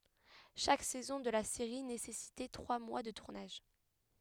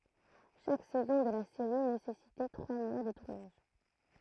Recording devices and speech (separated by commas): headset microphone, throat microphone, read sentence